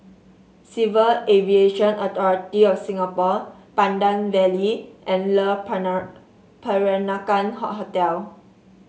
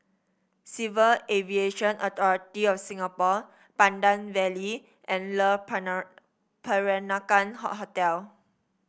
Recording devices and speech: mobile phone (Samsung S8), boundary microphone (BM630), read sentence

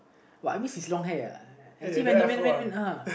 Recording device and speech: boundary microphone, conversation in the same room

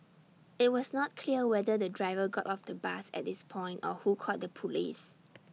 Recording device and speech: mobile phone (iPhone 6), read sentence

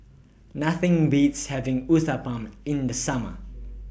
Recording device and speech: boundary microphone (BM630), read sentence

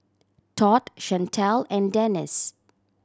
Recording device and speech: standing microphone (AKG C214), read sentence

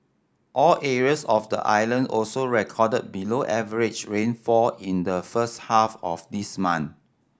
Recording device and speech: standing microphone (AKG C214), read sentence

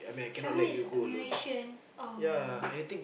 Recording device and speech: boundary microphone, conversation in the same room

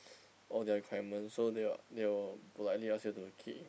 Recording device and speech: boundary microphone, conversation in the same room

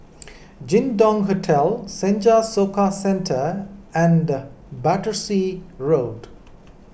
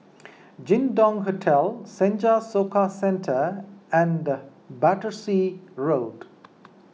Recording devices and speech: boundary microphone (BM630), mobile phone (iPhone 6), read sentence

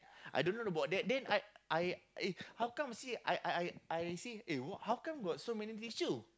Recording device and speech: close-talking microphone, conversation in the same room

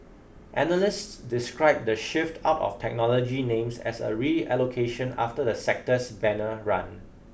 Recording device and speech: boundary microphone (BM630), read sentence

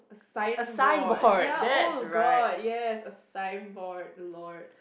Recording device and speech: boundary microphone, conversation in the same room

